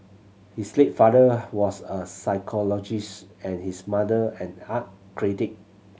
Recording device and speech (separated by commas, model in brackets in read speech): mobile phone (Samsung C7100), read sentence